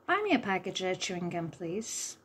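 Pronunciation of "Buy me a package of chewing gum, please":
The sentence is said the way a native English speaker would say it, and 'a' and 'of' in 'a package of' are almost swallowed.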